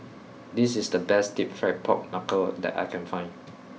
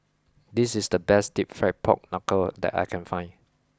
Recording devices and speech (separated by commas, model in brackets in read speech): mobile phone (iPhone 6), close-talking microphone (WH20), read sentence